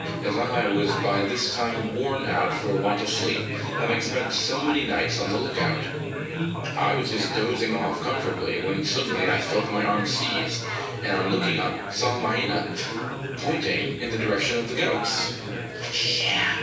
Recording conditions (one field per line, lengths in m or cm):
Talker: one person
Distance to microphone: 9.8 m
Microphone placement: far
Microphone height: 1.8 m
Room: large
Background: babble